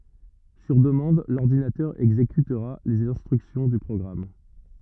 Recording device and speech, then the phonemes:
rigid in-ear microphone, read sentence
syʁ dəmɑ̃d lɔʁdinatœʁ ɛɡzekytʁa lez ɛ̃stʁyksjɔ̃ dy pʁɔɡʁam

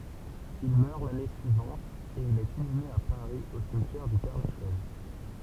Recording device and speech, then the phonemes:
temple vibration pickup, read sentence
il mœʁ lane syivɑ̃t e il ɛt inyme a paʁi o simtjɛʁ dy pɛʁlaʃɛz

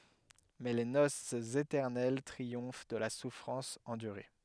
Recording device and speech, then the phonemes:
headset microphone, read sentence
mɛ le nosz etɛʁnɛl tʁiɔ̃f də la sufʁɑ̃s ɑ̃dyʁe

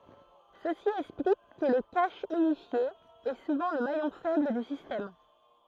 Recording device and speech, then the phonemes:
throat microphone, read sentence
səsi ɛksplik kə lə kaʃ ynifje ɛ suvɑ̃ lə majɔ̃ fɛbl dy sistɛm

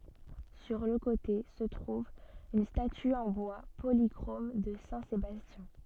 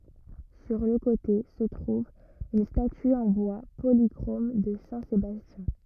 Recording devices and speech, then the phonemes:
soft in-ear microphone, rigid in-ear microphone, read sentence
syʁ lə kote sə tʁuv yn staty ɑ̃ bwa polikʁom də sɛ̃ sebastjɛ̃

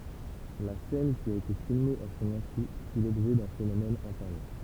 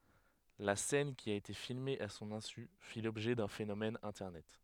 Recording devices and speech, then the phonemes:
temple vibration pickup, headset microphone, read sentence
la sɛn ki a ete filme a sɔ̃n ɛ̃sy fi lɔbʒɛ dœ̃ fenomɛn ɛ̃tɛʁnɛt

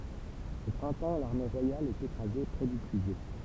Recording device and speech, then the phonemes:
temple vibration pickup, read sentence
o pʁɛ̃tɑ̃ laʁme ʁwajal ɛt ekʁaze pʁɛ dy pyizɛ

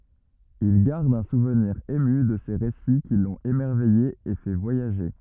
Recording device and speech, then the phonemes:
rigid in-ear microphone, read sentence
il ɡaʁd œ̃ suvniʁ emy də se ʁesi ki lɔ̃t emɛʁvɛje e fɛ vwajaʒe

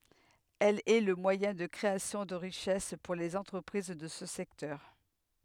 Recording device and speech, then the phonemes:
headset microphone, read sentence
ɛl ɛ lə mwajɛ̃ də kʁeasjɔ̃ də ʁiʃɛs puʁ lez ɑ̃tʁəpʁiz də sə sɛktœʁ

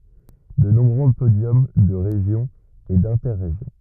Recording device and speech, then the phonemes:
rigid in-ear microphone, read sentence
də nɔ̃bʁø podjɔm də ʁeʒjɔ̃ e dɛ̃tɛʁeʒjɔ̃

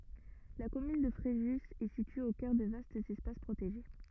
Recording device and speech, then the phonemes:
rigid in-ear microphone, read sentence
la kɔmyn də fʁeʒy ɛ sitye o kœʁ də vastz ɛspas pʁoteʒe

